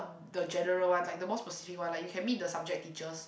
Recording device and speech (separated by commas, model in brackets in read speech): boundary microphone, conversation in the same room